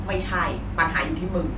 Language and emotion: Thai, frustrated